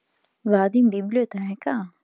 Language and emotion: Italian, neutral